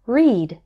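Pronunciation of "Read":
In 'read', the ea is pronounced as a long E sound, like the vowel in 'see'.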